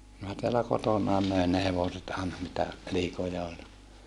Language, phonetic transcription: Finnish, minä teälä kotonàe mö̀en ne hevoset àena mitä , liikoja oĺ .
- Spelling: minä täällä kotonani möin ne hevoset aina mitä liikoja oli

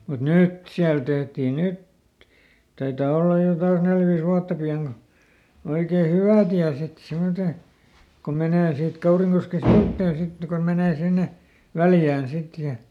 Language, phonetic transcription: Finnish, mut "nyt siäl ˈtehtii ˈnyt , ˈtaitaa ˈollaj jo kans ˈnel viis ˈwuatta pi₍aŋ ko , ˈoikee "hywä̀ tiä ˈsit ˈsimmote , kom ˈmenè siit ˈKauriŋkoske "siuttèn̬ ˈsit kon ˈmenee ˈsinne , "Väljään ˈsit ja ,.
- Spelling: mutta nyt siellä tehtiin nyt taitaa olla jo kanssa neljä viisi vuotta pian kun oikein hyvä tie sitten semmottoon kun menee siitä Kaurinkosken sivuitse sitten kun menee sinne Väljään sitten ja

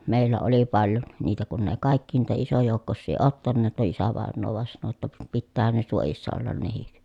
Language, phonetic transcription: Finnish, mèillä oli paljon , niitä kun ne kàikki èⁱ niitä isojòukkossii ottanneet , no isävàennoo vàen sano ʲotta » p- pittäähän ne suojissa ollan nehik » .
- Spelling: meillä oli paljon niitä kun ne kaikki ei niitä isojoukkoisia ottaneet no isävainaja vain sanoi jotta - pitäähän ne suojissa olla nekin

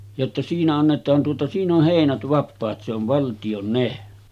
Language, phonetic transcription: Finnish, jotta » 'siinä 'annet̆taan tuota siin ‿oh 'hèinät 'vappaat se ‿ov valtiʲon 'ne « .
- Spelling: jotta siinä annetaan tuota siinä on heinät vapaat se on valtion ne

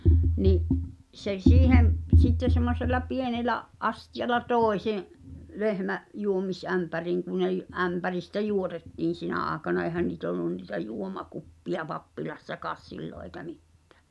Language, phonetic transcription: Finnish, ni’ , se "siihem p- sitte semmosel̆la 'pienelä’ , '’astijala "tòe se’ , 'lehmä’ , 'juomis’ämpäriiŋ ku ne j- , "’ämpäristä 'juotettiin̬ 'sinä̀ àekana èhän nii't ‿ollun nìtä 'juoma"kuppi₍a 'pappilassakaas "sillo eĭkä 'mittᴀ̳̈ .
- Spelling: niin se siihen - sitten semmoisella pienellä astialla tuo se lehmä juomisämpäriin kun ne - ämpäristä juotettiin sinä aikana eihän niitä ollut niitä juomakuppeja pappilassakaan silloin eikä mitään

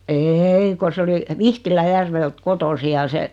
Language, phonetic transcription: Finnish, eei ko 's ‿oli , 'Vihtilä'järvelt "kotosi ja 'se ,.
- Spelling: ei kun se oli Vihtilänjärveltä kotoisin ja se

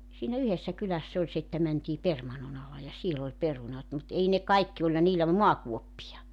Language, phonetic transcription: Finnish, siinä 'yhessä 'kyläss ‿oĺ se että 'mänt́ii 'permanno'n ‿ala ja 'siel ‿oĺ 'perunat mut 'ei ne 'kaikki 'oĺha niillä "muakuoppija .
- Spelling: siinä yhdessä kylässä oli se että mentiin permannon alle ja siellä oli perunat mutta ei ne kaikki olihan niillä maakuoppia

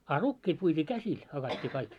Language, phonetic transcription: Finnish, a "rukkiit puit́ii "käsil , 'hakat́t́ii kaik .
- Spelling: a rukiit puitiin käsillä hakattiin kaikki

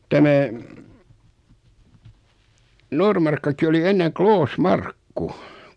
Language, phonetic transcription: Finnish, 'tämä , 'Normarkka̳ki oli 'enneŋ "Kloos"markku .
- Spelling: tämä Noormarkkukin oli ennen Kloosmarkku

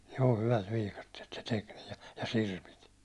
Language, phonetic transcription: Finnish, joo 'hyvät viikattiet se 'tek nii , ja 'sirpit .
- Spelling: joo hyvät viikatteet se teki niin ja sirpit

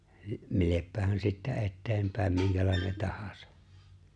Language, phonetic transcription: Finnish, ('mileppähän) sittä '’e̬tteempäem 'miŋkälài̬ne 'tahᴀsᴀ .
- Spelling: millepähän sitten eteenpäin minkälainen tahansa

